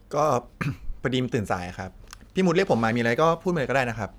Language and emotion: Thai, neutral